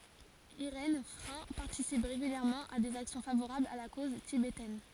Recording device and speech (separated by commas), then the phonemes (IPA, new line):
forehead accelerometer, read sentence
iʁɛn fʁɛ̃ paʁtisip ʁeɡyljɛʁmɑ̃ a dez aksjɔ̃ favoʁablz a la koz tibetɛn